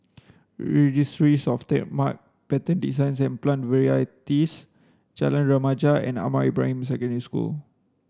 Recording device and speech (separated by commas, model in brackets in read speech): standing microphone (AKG C214), read sentence